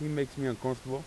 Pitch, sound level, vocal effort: 135 Hz, 87 dB SPL, normal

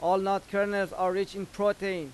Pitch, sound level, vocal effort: 195 Hz, 95 dB SPL, loud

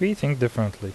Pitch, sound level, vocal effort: 120 Hz, 79 dB SPL, normal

